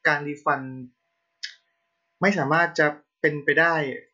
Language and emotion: Thai, neutral